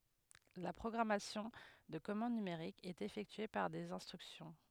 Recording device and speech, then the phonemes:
headset microphone, read sentence
la pʁɔɡʁamasjɔ̃ də kɔmɑ̃d nymeʁik ɛt efɛktye paʁ dez ɛ̃stʁyksjɔ̃

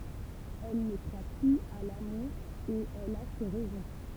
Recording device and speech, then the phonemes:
temple vibration pickup, read sentence
ɛl nə kʁwa plyz a lamuʁ e ɛl a se ʁɛzɔ̃

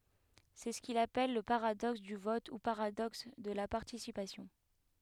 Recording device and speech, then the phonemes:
headset microphone, read sentence
sɛ sə kil apɛl lə paʁadɔks dy vɔt u paʁadɔks də la paʁtisipasjɔ̃

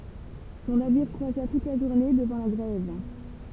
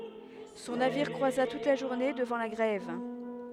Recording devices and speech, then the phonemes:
temple vibration pickup, headset microphone, read sentence
sɔ̃ naviʁ kʁwaza tut la ʒuʁne dəvɑ̃ la ɡʁɛv

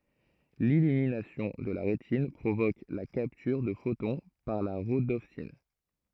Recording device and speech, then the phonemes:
throat microphone, read sentence
lilyminasjɔ̃ də la ʁetin pʁovok la kaptyʁ də fotɔ̃ paʁ la ʁodɔpsin

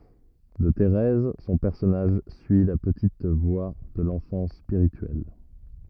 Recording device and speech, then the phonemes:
rigid in-ear microphone, read sentence
də teʁɛz sɔ̃ pɛʁsɔnaʒ syi la pətit vwa də lɑ̃fɑ̃s spiʁityɛl

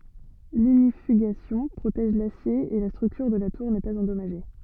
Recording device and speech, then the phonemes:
soft in-ear microphone, read sentence
liɲifyɡasjɔ̃ pʁotɛʒ lasje e la stʁyktyʁ də la tuʁ nɛ paz ɑ̃dɔmaʒe

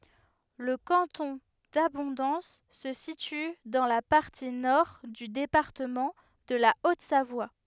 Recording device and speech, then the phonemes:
headset microphone, read sentence
lə kɑ̃tɔ̃ dabɔ̃dɑ̃s sə sity dɑ̃ la paʁti nɔʁ dy depaʁtəmɑ̃ də la otzavwa

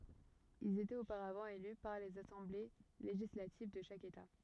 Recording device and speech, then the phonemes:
rigid in-ear microphone, read sentence
ilz etɛt opaʁavɑ̃ ely paʁ lez asɑ̃ble leʒislativ də ʃak eta

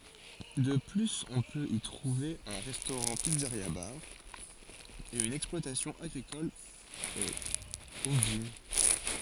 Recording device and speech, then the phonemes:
forehead accelerometer, read sentence
də plyz ɔ̃ pøt i tʁuve œ̃ ʁɛstoʁɑ̃tpizzəʁjabaʁ e yn ɛksplwatasjɔ̃ aɡʁikɔl ovin

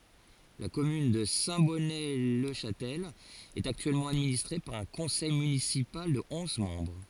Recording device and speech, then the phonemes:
forehead accelerometer, read sentence
la kɔmyn də sɛ̃tbɔnətlɛʃastɛl ɛt aktyɛlmɑ̃ administʁe paʁ œ̃ kɔ̃sɛj mynisipal də ɔ̃z mɑ̃bʁ

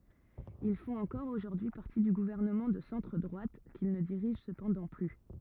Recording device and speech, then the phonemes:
rigid in-ear microphone, read sentence
il fɔ̃t ɑ̃kɔʁ oʒuʁdyi paʁti dy ɡuvɛʁnəmɑ̃ də sɑ̃tʁ dʁwat kil nə diʁiʒ səpɑ̃dɑ̃ ply

